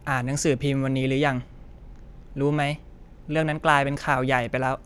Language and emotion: Thai, neutral